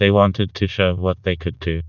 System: TTS, vocoder